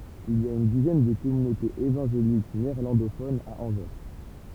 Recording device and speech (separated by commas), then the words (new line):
temple vibration pickup, read sentence
Il y a une dizaine de communautés évangéliques néerlandophones à Anvers.